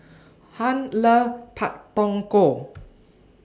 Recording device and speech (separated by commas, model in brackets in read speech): standing microphone (AKG C214), read sentence